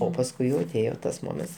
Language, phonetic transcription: Lithuanian, o pasˈkui jau aˈtėjo tas ˈmoments

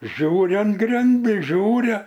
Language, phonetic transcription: Lithuanian, ˈžiūriam ˈgrindis ˈžiūria

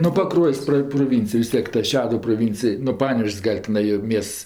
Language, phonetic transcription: Lithuanian, nu paˈkruojs' ˈpra proˈvincij vis ˈtiek ta ˈšeduv proˈvincij nu ˈpanevėž's' ˈgal' tiˈnai jo ˈmiests

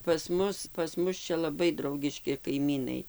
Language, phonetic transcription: Lithuanian, pas ˈmus pas ˈmus ˈčia laˈbai ˈdraugiški kaiˈmynai

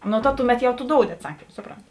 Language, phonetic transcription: Lithuanian, ˈnu ta ˈtuˌmet ˈjau tu ˈdoudi atˈsakym ˈsupronti

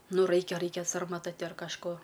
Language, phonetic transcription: Lithuanian, ˈnu ˈraikia ˈraikia sarmaˈta ar kažˈko

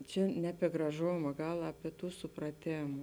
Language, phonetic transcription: Lithuanian, ˈčia ne apie graˈžoma ˈgal apie ˈtų supraˈtėm

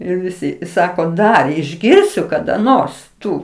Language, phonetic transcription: Lithuanian, ir ˈvisi ˈsako ˈdar išˈgirsiu kada ˈnors ˈtu

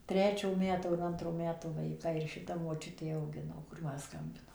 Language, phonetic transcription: Lithuanian, ˈtrečio ˈmeto ar ˈantro ˈmeto vaiˈkai ir šiˈta moˈčiutė auˈgino kur ˈman ˈskambino

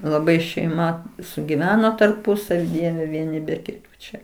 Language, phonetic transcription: Lithuanian, laˈbai šeiˈma sugiˈveno tarˈpusavi ˈdieve vieˈni be kiˈtų ˈčia

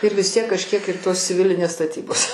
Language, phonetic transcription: Lithuanian, ir vis ˈtiek kažˈkiek ir ˈtos ciˈvilinės staˈtybos

